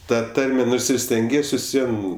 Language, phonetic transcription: Lithuanian, ˈta ˈtarme ˈnors ir stenˈgies vis ˈvien

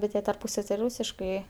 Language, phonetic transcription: Lithuanian, bet ˈjie tarˈpūsav' ti ˈrūsiškai

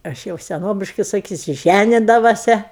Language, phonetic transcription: Lithuanian, ˈaš jau seˈnobiškai saˈkysiu ˈžænidavose

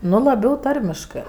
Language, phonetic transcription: Lithuanian, ˈnu laˈbiau ˈtarmiškɜ

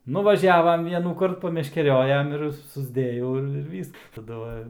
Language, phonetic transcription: Lithuanian, nuvaˈžiavam ˈvienųkart pameškeˈriojam ir susˈdėjau ˈir ir ˈvysk taˈdu va

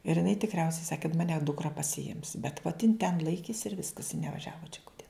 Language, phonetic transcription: Lithuanian, ir jiˈnai tikˈriausiai ˈsaki kad maˈne dukˈra pasiˈims bet vot jin ten ˈlaikės ir ˈviskas i neˈvažiavo čia ˈkute

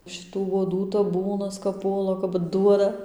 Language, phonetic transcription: Lithuanian, šiˈtų uoˈdų taˈbūnas kap ˈpuola kap ˈduoda

